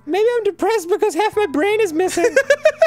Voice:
Falsetto